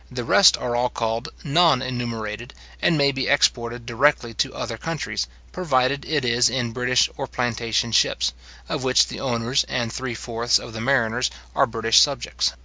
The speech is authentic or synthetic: authentic